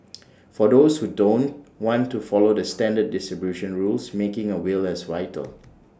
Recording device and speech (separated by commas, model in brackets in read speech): standing microphone (AKG C214), read sentence